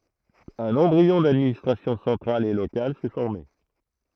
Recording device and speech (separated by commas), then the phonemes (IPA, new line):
throat microphone, read sentence
œ̃n ɑ̃bʁiɔ̃ dadministʁasjɔ̃ sɑ̃tʁal e lokal sɛ fɔʁme